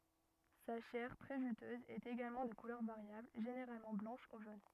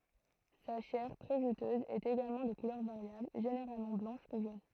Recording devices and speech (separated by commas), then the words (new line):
rigid in-ear microphone, throat microphone, read sentence
Sa chair, très juteuse, est également de couleur variable, généralement blanche ou jaune.